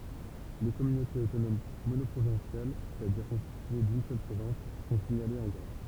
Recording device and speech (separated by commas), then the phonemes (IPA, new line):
temple vibration pickup, read sentence
le kɔmynotez otonom monɔpʁovɛ̃sjal sɛstadiʁ kɔ̃stitye dyn sœl pʁovɛ̃s sɔ̃ siɲalez ɑ̃ ɡʁa